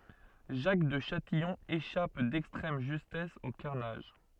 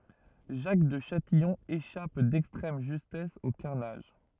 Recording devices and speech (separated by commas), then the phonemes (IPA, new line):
soft in-ear microphone, rigid in-ear microphone, read sentence
ʒak də ʃatijɔ̃ eʃap dɛkstʁɛm ʒystɛs o kaʁnaʒ